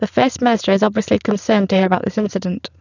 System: VC, spectral filtering